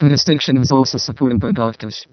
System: VC, vocoder